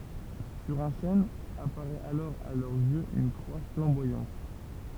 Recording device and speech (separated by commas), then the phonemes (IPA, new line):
temple vibration pickup, read sentence
syʁ œ̃ ʃɛn apaʁɛt alɔʁ a lœʁz jøz yn kʁwa flɑ̃bwajɑ̃t